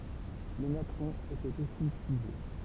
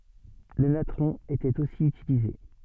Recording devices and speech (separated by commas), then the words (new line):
temple vibration pickup, soft in-ear microphone, read sentence
Le natron était aussi utilisé.